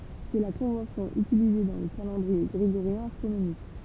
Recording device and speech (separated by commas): temple vibration pickup, read sentence